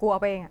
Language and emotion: Thai, frustrated